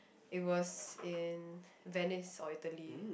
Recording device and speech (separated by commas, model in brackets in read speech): boundary microphone, conversation in the same room